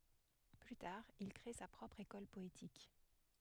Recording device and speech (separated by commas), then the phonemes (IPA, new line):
headset microphone, read sentence
ply taʁ il kʁe sa pʁɔpʁ ekɔl pɔetik